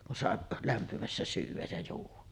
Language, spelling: Finnish, kun sai lämpimässä syödä ja juoda
- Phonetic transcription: kun 'sàeˀ , "lämpimässä 'syyv̆väj ja juuv̆va .

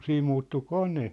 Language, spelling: Finnish, siinä muuttui kone
- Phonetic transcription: siim muuttu "kone .

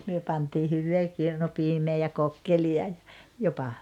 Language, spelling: Finnish, me pantiin hyvää kirnupiimää ja kokkelia ja jopa
- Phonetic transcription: 'myö pantii 'hyvvee 'kirnupiimee ja 'kokkeli₍a ja , jopa ,.

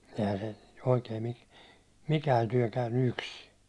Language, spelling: Finnish, eihän se oikein niin mikään työ käynyt yksin
- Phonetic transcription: ehä se , oikeen ni , 'mikään tyäₒ käynny "yksi .

